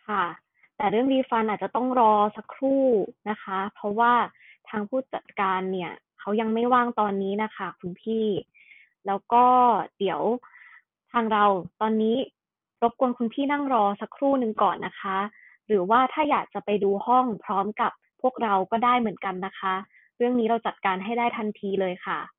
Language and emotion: Thai, frustrated